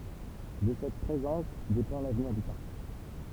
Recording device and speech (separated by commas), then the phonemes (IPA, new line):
temple vibration pickup, read sentence
də sɛt pʁezɑ̃s depɑ̃ lavniʁ dy paʁk